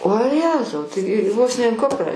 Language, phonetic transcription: Lithuanian, o ˈjezau tai ˈvos ne in ˈkuprą

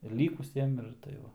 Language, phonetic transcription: Lithuanian, ir ˈlykusiem ir tai ˈva

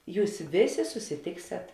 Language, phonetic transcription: Lithuanian, ˈjūs ˈvėˌsė susiˈtėkset

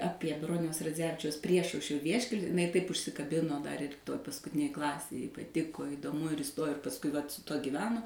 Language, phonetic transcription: Lithuanian, ˈapie ˈbroniaus raˈdzevičiaus ˈpriešaušrio ˈvieškel' iˈnai taip užsikaˈbino dar ir ˈtoj paskuˈtinėj ˈklasėj jai paˈtiko idoˈmu ir iˈstojo ir pasˈkui vat su ˈtuo gyˈveno

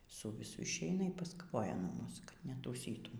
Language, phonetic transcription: Lithuanian, su viˈsu išˈeina y paskaˈvoja nuo ˈmūs kad netųˈsytum

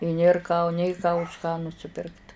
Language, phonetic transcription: Lithuanian, i ˈnėr ką nė ką už ką nusiˈpirkt

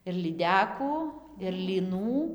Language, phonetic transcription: Lithuanian, ir lyˈdekų ir lyˈnų

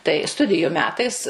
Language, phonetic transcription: Lithuanian, tai ˈstudiju ˈmetais

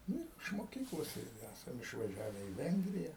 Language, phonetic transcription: Lithuanian, ˈnu ir iš moˈkyklos ˈirgi ˈæsam išvaˈžiave į ˈvengrija

